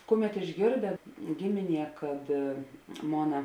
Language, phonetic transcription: Lithuanian, ˈkuˌmet išˈgėrdė ˈgimiˌnie kad ˈmona

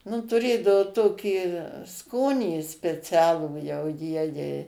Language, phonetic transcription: Lithuanian, nu tuˈrėdao ˈtokį ˈskonį speˈcialų jau ˈjiejei

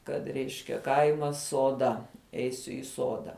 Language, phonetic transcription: Lithuanian, ˈkad ˈreiškia ˈkaimas suoˈda ˈeisiu i ˈsoda

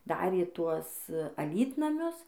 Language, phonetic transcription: Lithuanian, ˈdarė ˈtuos aˈlytnamius

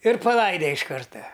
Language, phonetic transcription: Lithuanian, ir paˈlaide iš ˈkarta

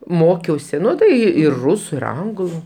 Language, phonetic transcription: Lithuanian, ˈmokiausi ˈnu tai ir ˈrusu ir ˈanglu

